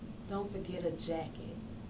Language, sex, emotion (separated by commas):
English, female, neutral